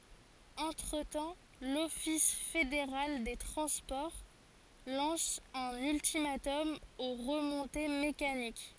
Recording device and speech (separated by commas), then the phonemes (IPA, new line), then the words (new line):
forehead accelerometer, read sentence
ɑ̃tʁətɑ̃ lɔfis fedeʁal de tʁɑ̃spɔʁ lɑ̃s œ̃n yltimatɔm o ʁəmɔ̃te mekanik
Entre-temps, l'office fédéral des transports lance un ultimatum aux remontées mécaniques.